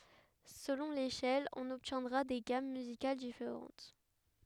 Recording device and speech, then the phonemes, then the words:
headset microphone, read sentence
səlɔ̃ leʃɛl ɔ̃n ɔbtjɛ̃dʁa de ɡam myzikal difeʁɑ̃t
Selon l'échelle, on obtiendra des gammes musicales différentes.

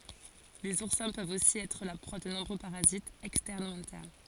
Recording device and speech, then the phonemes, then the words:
forehead accelerometer, read sentence
lez uʁsɛ̃ pøvt osi ɛtʁ la pʁwa də nɔ̃bʁø paʁazitz ɛkstɛʁn u ɛ̃tɛʁn
Les oursins peuvent aussi être la proie de nombreux parasites, externes ou internes.

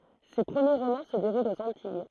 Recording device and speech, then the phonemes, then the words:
throat microphone, read sentence
se pʁəmje ʁomɑ̃ sə deʁult oz ɑ̃tij
Ses premiers romans se déroulent aux Antilles.

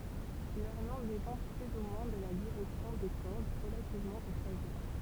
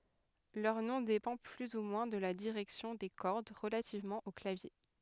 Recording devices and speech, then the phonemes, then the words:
temple vibration pickup, headset microphone, read sentence
lœʁ nɔ̃ depɑ̃ ply u mwɛ̃ də la diʁɛksjɔ̃ de kɔʁd ʁəlativmɑ̃ o klavje
Leur nom dépend plus ou moins de la direction des cordes relativement au clavier.

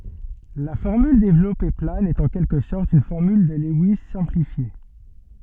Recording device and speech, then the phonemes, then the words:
soft in-ear microphone, read sentence
la fɔʁmyl devlɔpe plan ɛt ɑ̃ kɛlkə sɔʁt yn fɔʁmyl də lɛwis sɛ̃plifje
La formule développée plane est en quelque sorte une formule de Lewis simplifiée.

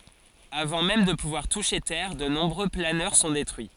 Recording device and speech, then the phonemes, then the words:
forehead accelerometer, read sentence
avɑ̃ mɛm də puvwaʁ tuʃe tɛʁ də nɔ̃bʁø planœʁ sɔ̃ detʁyi
Avant même de pouvoir toucher terre, de nombreux planeurs sont détruits.

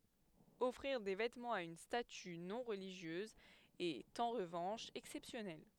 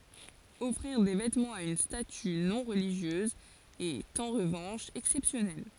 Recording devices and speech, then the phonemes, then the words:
headset microphone, forehead accelerometer, read sentence
ɔfʁiʁ de vɛtmɑ̃z a yn staty nɔ̃ ʁəliʒjøz ɛt ɑ̃ ʁəvɑ̃ʃ ɛksɛpsjɔnɛl
Offrir des vêtements à une statue non-religieuse est, en revanche, exceptionnel.

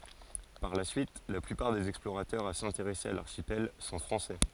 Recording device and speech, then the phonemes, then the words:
forehead accelerometer, read sentence
paʁ la syit la plypaʁ dez ɛksploʁatœʁz a sɛ̃teʁɛse a laʁʃipɛl sɔ̃ fʁɑ̃sɛ
Par la suite, la plupart des explorateurs à s'intéresser à l'archipel sont français.

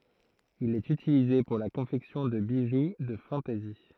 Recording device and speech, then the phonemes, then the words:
throat microphone, read sentence
il ɛt ytilize puʁ la kɔ̃fɛksjɔ̃ də biʒu də fɑ̃tɛzi
Il est utilisé pour la confection de bijoux de fantaisie.

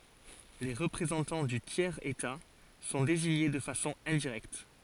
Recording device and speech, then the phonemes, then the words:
forehead accelerometer, read sentence
le ʁəpʁezɑ̃tɑ̃ dy tjɛʁz eta sɔ̃ deziɲe də fasɔ̃ ɛ̃diʁɛkt
Les représentants du tiers état sont désignés de façon indirecte.

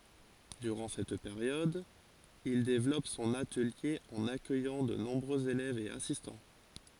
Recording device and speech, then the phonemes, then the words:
forehead accelerometer, read sentence
dyʁɑ̃ sɛt peʁjɔd il devlɔp sɔ̃n atəlje ɑ̃n akœjɑ̃ də nɔ̃bʁøz elɛvz e asistɑ̃
Durant cette période, il développe son atelier en accueillant de nombreux élèves et assistants.

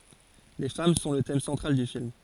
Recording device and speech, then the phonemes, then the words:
forehead accelerometer, read sentence
le fam sɔ̃ lə tɛm sɑ̃tʁal dy film
Les femmes sont le thème central du film.

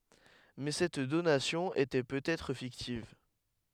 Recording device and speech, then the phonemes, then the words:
headset microphone, read sentence
mɛ sɛt donasjɔ̃ etɛ pøt ɛtʁ fiktiv
Mais cette donation était peut-être fictive.

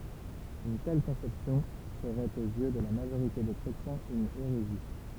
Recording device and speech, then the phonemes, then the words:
temple vibration pickup, read sentence
yn tɛl kɔ̃sɛpsjɔ̃ səʁɛt oz jø də la maʒoʁite de kʁetjɛ̃z yn eʁezi
Une telle conception serait aux yeux de la majorité des chrétiens une hérésie.

